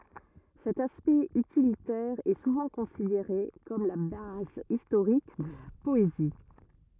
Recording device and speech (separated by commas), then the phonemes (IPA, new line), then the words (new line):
rigid in-ear microphone, read sentence
sɛt aspɛkt ytilitɛʁ ɛ suvɑ̃ kɔ̃sideʁe kɔm la baz istoʁik də la pɔezi
Cet aspect utilitaire est souvent considéré comme la base historique de la poésie.